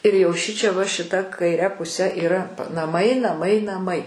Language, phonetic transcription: Lithuanian, ir jau ˈšičia va šiˈta kaiˈre puˈse yˈra naˈmai naˈmai naˈmai

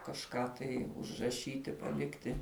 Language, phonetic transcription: Lithuanian, kažˈką tai užraˈšyti paˈlikti

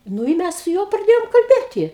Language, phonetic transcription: Lithuanian, ˈnu i ˈmæs su ˈjuo praˈdėjom kalˈbėti

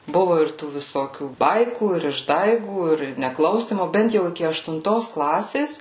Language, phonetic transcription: Lithuanian, ˈbuvu ir ˈtų viˈsokių ˈbaikų ir išˈdaigų ir neˈklausymo ˈbent jau iˈki aštunˈtos ˈklasės

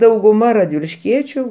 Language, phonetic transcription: Lithuanian, dauguˈma radvilišˈkiečiu

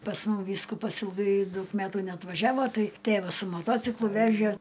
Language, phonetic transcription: Lithuanian, pas ˈmum ˈvyskupas ilˈgai ˈdaug ˈmetų neatvaˈžiavo ˈtai ˈtėvas su moˈtociklu ˈvežė

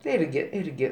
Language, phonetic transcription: Lithuanian, tai ˈirgi ˈirgi

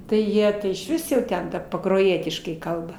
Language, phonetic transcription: Lithuanian, ˈtai ˈjie išˈvis jau ˈten ˈta pakroˈjietiškai ˈkalba

